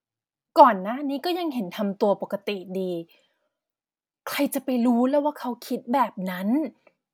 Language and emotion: Thai, frustrated